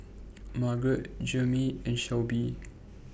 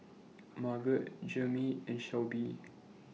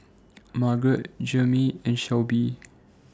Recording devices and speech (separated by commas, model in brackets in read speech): boundary microphone (BM630), mobile phone (iPhone 6), standing microphone (AKG C214), read sentence